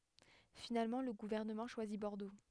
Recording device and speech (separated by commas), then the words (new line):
headset microphone, read sentence
Finalement le gouvernement choisit Bordeaux.